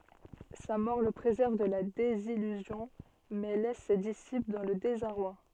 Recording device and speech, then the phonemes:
soft in-ear microphone, read sentence
sa mɔʁ lə pʁezɛʁv də la dezijyzjɔ̃ mɛ lɛs se disipl dɑ̃ lə dezaʁwa

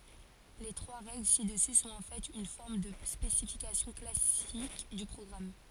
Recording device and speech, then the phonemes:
forehead accelerometer, read sentence
le tʁwa ʁɛɡl sidəsy sɔ̃t ɑ̃ fɛt yn fɔʁm də spesifikasjɔ̃ klasik dy pʁɔɡʁam

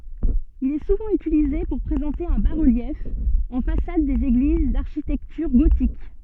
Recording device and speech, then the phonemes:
soft in-ear microphone, read sentence
il ɛ suvɑ̃ ytilize puʁ pʁezɑ̃te œ̃ ba ʁəljɛf ɑ̃ fasad dez eɡliz daʁʃitɛktyʁ ɡotik

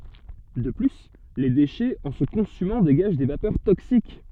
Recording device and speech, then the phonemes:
soft in-ear microphone, read sentence
də ply le deʃɛz ɑ̃ sə kɔ̃symɑ̃ deɡaʒ de vapœʁ toksik

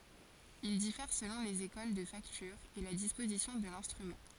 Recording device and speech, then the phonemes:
forehead accelerometer, read sentence
il difɛʁ səlɔ̃ lez ekol də faktyʁ e la dispozisjɔ̃ də lɛ̃stʁymɑ̃

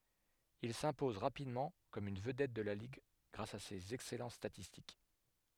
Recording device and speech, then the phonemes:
headset microphone, read sentence
il sɛ̃pɔz ʁapidmɑ̃ kɔm yn vədɛt də la liɡ ɡʁas a sez ɛksɛlɑ̃t statistik

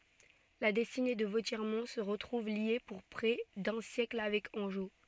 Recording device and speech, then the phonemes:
soft in-ear microphone, read sentence
la dɛstine də votjɛʁmɔ̃ sə ʁətʁuv lje puʁ pʁɛ dœ̃ sjɛkl avɛk ɑ̃ʒo

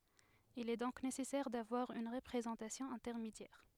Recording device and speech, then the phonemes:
headset microphone, read sentence
il ɛ dɔ̃k nesɛsɛʁ davwaʁ yn ʁəpʁezɑ̃tasjɔ̃ ɛ̃tɛʁmedjɛʁ

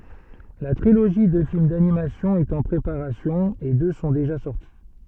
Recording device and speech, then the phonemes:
soft in-ear microphone, read sentence
la tʁiloʒi də film danimasjɔ̃ ɛt ɑ̃ pʁepaʁasjɔ̃ e dø sɔ̃ deʒa sɔʁti

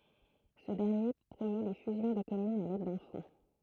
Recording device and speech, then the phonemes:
throat microphone, read sentence
sə dɛʁnje pʁomø le fyzjɔ̃ də kɔmynz a lɛd dœ̃ fɔ̃

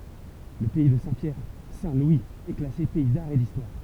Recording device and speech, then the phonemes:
temple vibration pickup, read sentence
lə pɛi də sɛ̃tpjɛʁ sɛ̃tlwiz ɛ klase pɛi daʁ e distwaʁ

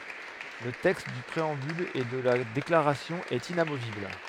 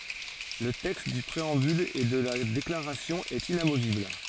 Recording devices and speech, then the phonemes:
headset microphone, forehead accelerometer, read sentence
lə tɛkst dy pʁeɑ̃byl e də la deklaʁasjɔ̃ ɛt inamovibl

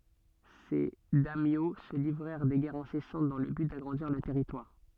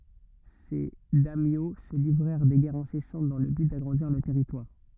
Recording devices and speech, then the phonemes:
soft in-ear microphone, rigid in-ear microphone, read sentence
se dɛmjo sə livʁɛʁ de ɡɛʁz ɛ̃sɛsɑ̃t dɑ̃ lə byt daɡʁɑ̃diʁ lœʁ tɛʁitwaʁ

